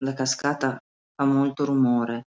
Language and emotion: Italian, sad